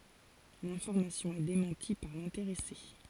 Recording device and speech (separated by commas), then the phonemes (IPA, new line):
forehead accelerometer, read sentence
lɛ̃fɔʁmasjɔ̃ ɛ demɑ̃ti paʁ lɛ̃teʁɛse